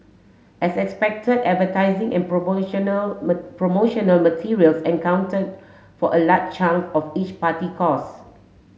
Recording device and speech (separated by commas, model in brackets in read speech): mobile phone (Samsung S8), read sentence